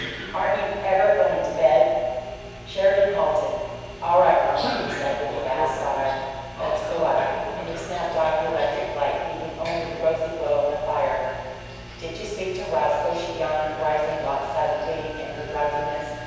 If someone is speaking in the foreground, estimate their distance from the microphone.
7.1 m.